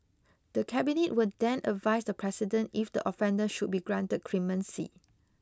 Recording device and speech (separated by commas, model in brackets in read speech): close-talking microphone (WH20), read sentence